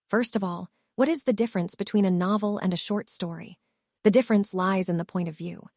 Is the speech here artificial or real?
artificial